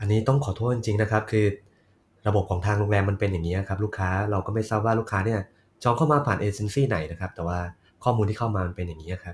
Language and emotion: Thai, frustrated